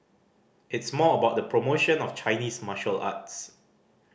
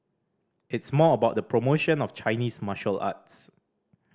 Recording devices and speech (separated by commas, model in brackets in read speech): boundary microphone (BM630), standing microphone (AKG C214), read sentence